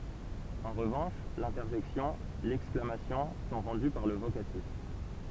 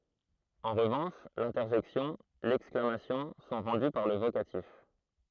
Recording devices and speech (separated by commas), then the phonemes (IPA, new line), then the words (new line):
temple vibration pickup, throat microphone, read sentence
ɑ̃ ʁəvɑ̃ʃ lɛ̃tɛʁʒɛksjɔ̃ lɛksklamasjɔ̃ sɔ̃ ʁɑ̃dy paʁ lə vokatif
En revanche, l'interjection, l'exclamation sont rendues par le vocatif.